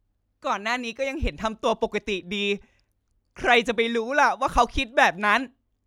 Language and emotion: Thai, frustrated